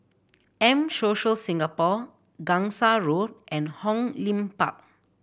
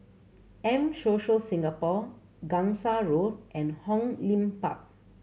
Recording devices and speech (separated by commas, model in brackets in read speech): boundary microphone (BM630), mobile phone (Samsung C7100), read sentence